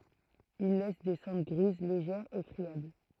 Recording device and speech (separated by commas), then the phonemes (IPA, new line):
throat microphone, read sentence
il lɛs de sɑ̃dʁ ɡʁiz leʒɛʁz e fʁiabl